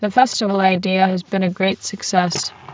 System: VC, spectral filtering